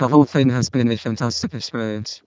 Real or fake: fake